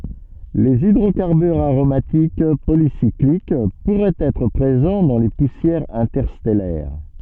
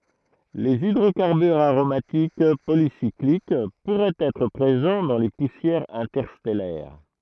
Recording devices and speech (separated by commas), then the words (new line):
soft in-ear microphone, throat microphone, read sentence
Les hydrocarbures aromatiques polycycliques pourraient être présents dans les poussières interstellaires.